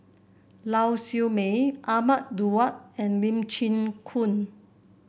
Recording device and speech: boundary microphone (BM630), read sentence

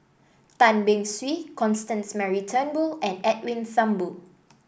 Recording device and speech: boundary microphone (BM630), read sentence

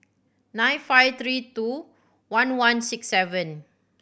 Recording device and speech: boundary microphone (BM630), read sentence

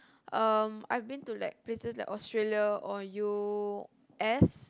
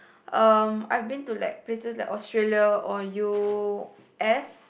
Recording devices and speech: close-talking microphone, boundary microphone, conversation in the same room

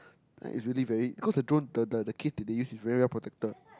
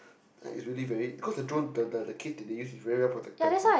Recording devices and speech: close-talking microphone, boundary microphone, conversation in the same room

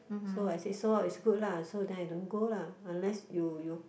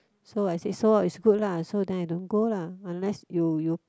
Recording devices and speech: boundary microphone, close-talking microphone, conversation in the same room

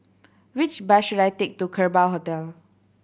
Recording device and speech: boundary microphone (BM630), read sentence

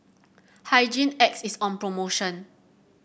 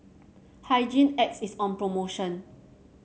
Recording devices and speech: boundary microphone (BM630), mobile phone (Samsung C7), read sentence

